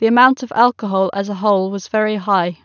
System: none